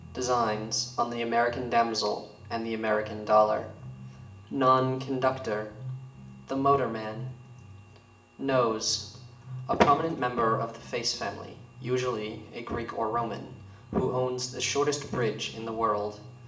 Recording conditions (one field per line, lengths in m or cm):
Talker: one person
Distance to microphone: 1.8 m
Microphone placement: close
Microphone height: 1.0 m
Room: large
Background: music